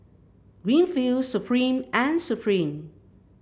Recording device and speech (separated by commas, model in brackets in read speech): boundary microphone (BM630), read sentence